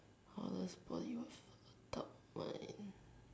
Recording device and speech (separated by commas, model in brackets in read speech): standing microphone, conversation in separate rooms